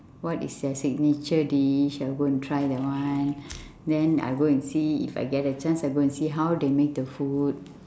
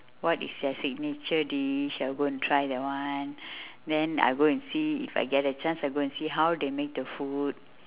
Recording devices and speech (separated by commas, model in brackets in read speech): standing microphone, telephone, conversation in separate rooms